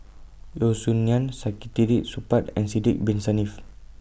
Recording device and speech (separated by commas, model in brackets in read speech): boundary microphone (BM630), read sentence